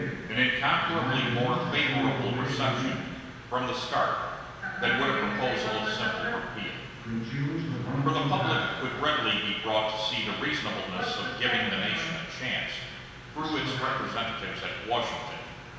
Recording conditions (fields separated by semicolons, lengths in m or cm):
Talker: one person; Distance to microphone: 1.7 m; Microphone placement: close; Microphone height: 1.0 m; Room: very reverberant, large; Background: television